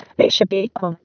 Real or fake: fake